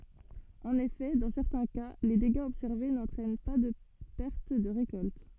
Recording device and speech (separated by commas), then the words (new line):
soft in-ear microphone, read sentence
En effet, dans certains cas, les dégâts observés n'entraînent par de perte de récolte.